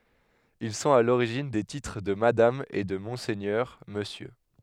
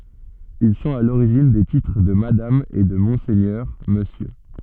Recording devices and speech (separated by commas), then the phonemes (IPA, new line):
headset microphone, soft in-ear microphone, read sentence
il sɔ̃t a loʁiʒin de titʁ də madam e də mɔ̃sɛɲœʁ məsjø